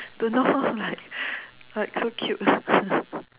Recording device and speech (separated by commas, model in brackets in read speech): telephone, conversation in separate rooms